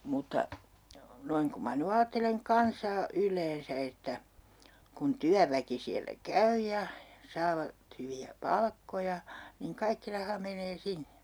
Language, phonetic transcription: Finnish, 'mutta , 'noiŋ ku ma ny 'aatteleŋ 'kansaa "yl̀eensä että , kun 'tyäväki siällä "käy ja , 'saavat hyvi₍ä 'palkkoja , niŋ "kaikki 'raha menee 'sinne .
- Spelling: mutta noin kun minä nyt ajattelen kansaa yleensä että kun työväki siellä käy ja saavat hyviä palkkoja niin kaikki raha menee sinne

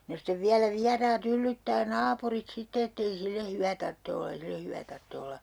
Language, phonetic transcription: Finnish, no stev 'viälä 'viaraa't ‿yllyttää "naapurit sitte » et'tei sille 'hyvä tartte olla ei 'sille 'hyvä tartte olla » .
- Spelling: no sitten vielä vieraat yllyttää naapurit sitten että ei sille hyvä tarvitse olla ei sille hyvä tarvitse olla

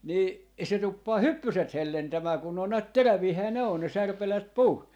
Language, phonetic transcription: Finnish, 'nii , se 'tuppaa "hyppyset 'hellentämää kun n ‿oon näät "teräviihää ne on ne 'särpäleet "puun .
- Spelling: niin se tuppaa hyppyset hellentämään kun ne on näet teräviähän ne on ne särpäleet puun

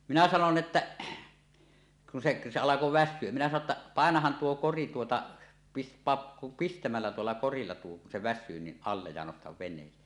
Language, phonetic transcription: Finnish, minä 'sanon "että , kun seˀ , se alako "väśsyö , minä sano ‿tta , » 'pàenahan 'tuo "'kori tuota , pis- , 'paap "pistämällä 'tuolla 'korilla tuo kun se "väs̆syy ni , allej ja nostav ven̆nees̀ᴇᴇ « .
- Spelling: minä sanoin että kun se se alkoi väsyä minä sanoin että paina tuo kori tuota - pane pistämällä tuolla korilla tuo kun se väsyy niin alle ja nosta veneeseen

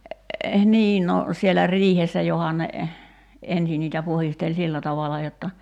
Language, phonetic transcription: Finnish, 'nii no , sielä 'riihessä johon ne , 'ensi niitä 'puhistel "sillä tavala jotta ,.
- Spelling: niin no siellä riihessä johon ne ensin niitä puhdisteli sillä tavalla jotta

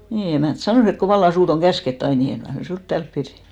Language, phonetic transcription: Finnish, 'nii , 'emä̀nt "sanòs ‿et » ko 'valla 'suut ‿oŋ "käsket't ‿ain , ni 'eŋ kai mä "suut 'täälp piδᴀ̈ « .
- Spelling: niin emäntä sanoi että kun vallan sinua on käsketty aina niin en kai minä sinua täällä pidä

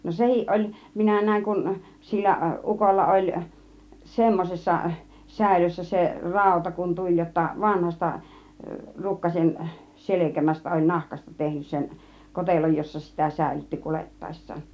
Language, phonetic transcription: Finnish, no 'sehiˀ 'oĺ , 'minä "nä̀iŋ kun , 'sillä , "ˀukolla 'oĺ , "semmosessa , 'sä̀ilössä se , "ràuta kun "tuĺ jotta 'vanhasta , "rukkasen , "selekämästä oĺ "nahkasta 'tehnys 'sen , "koteloj jossa 'sitä "sä̀ilytti 'kulettaes̀saan .
- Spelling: no sekin oli minä näin kun sillä ukolla oli semmoisessa säilössä se rauta kun tuli jotta vanhasta rukkasen selkämästä oli nahasta tehnyt sen kotelon jossa sitä säilytti kuljettaessaan

